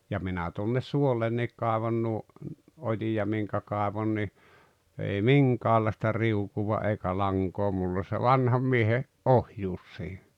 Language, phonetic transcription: Finnish, ja 'minä tuonnes 'suollenniik 'kaaᵉvon nuo , 'oji₍a 'miŋkä̭ kàevon ni , ei "miŋkäällàᵉsta "riukuva 'eikä 'laŋkoo mull ‿ol se "vanham miehe , "’ohjuus siiɴᴀ̈ .
- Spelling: ja minä tuonne suollekin kaivoin nuo ojia minkä kaivoin niin ei minkäänlaista riukua eikä lankaa minulla oli se vanhan miehen ohjuus siinä

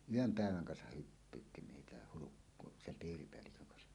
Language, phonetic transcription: Finnish, yöm 'pä̀eväŋ kansah 'hyppyytti 'meitä "Hulukko- "sem 'piiripeälliköŋ kansa .
- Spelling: yön päivän kansa hyppyytti meitä - Hulkkosen piiripäällikön kanssa

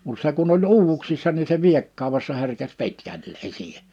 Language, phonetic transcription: Finnish, mut 'se kun ‿oĺ 'uuvuksissa ni se 'viekkàu̬wessa herkes 'pitkällee siihe .
- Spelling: mutta se kun oli uuvuksissa niin se viekkaudessa herkesi pitkälleen siihen

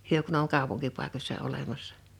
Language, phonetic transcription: Finnish, 'hyö kun ‿oŋ 'kàupuŋkipàikośsa 'olemassᴀ .
- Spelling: he kun on kaupunkipaikoissa olemassa

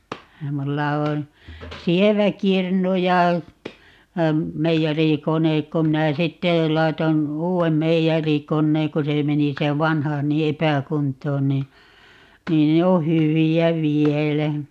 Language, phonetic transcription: Finnish, 'mulla on , "sievä "kirnu ja , 'meijäri"konek 'ko 'minä "sitte , 'laiton , "uu₍em 'meijärikonneeŋ 'ko se 'meni se "vanha ni "epäkunt̀oon nii , 'niin ne o "hyvi₍ä 'vielä .
- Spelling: minulla on sievä kirnu ja meijerikone kun minä sitten laitoin uuden meijerikoneen kun se meni se vanha niin epäkuntoon niin niin ne on hyviä vielä

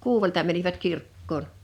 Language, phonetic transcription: Finnish, 'kuuwelta mänivät 'kirkkoon .
- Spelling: kuudelta menivät kirkkoon

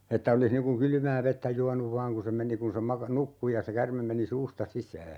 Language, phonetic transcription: Finnish, että 'olis niŋ kuŋ 'kylʸmää 'vettä "juanuv 'vaaŋ ku se 'meni kun̬ se 'maka - "nukku ja se 'kärmem meni "suusta 'sisää .
- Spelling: että olisi niin kuin kylmää vettä juonut vain kun se meni kun se - nukkui ja se käärme meni suusta sisään

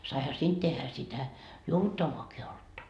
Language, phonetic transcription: Finnish, saiha 'siint tehhä sitä , "juovuttavvaaki 'oltta ,.
- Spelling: saihan siitä tehdä sitä juovuttavaakin olutta

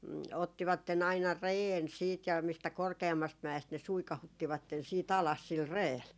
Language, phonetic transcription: Finnish, 'ottivatten ‿aina "reen siit ja mistä 'korke₍ammast 'mä₍est ne 'suikahuttivatten sii't ‿alas sil "reel .
- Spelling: ottivat aina reen sitten ja mistä korkeammasta mäestä ne suikauttivat sitten alas sillä reellä

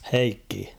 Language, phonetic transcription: Finnish, Heikki ?
- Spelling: Heikki

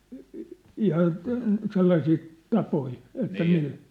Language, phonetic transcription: Finnish, i- , 'ihan , te- , 'sellaisii , 'tapoi , että 'millä ?
- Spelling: - ihan - sellaisia tapoja että millä

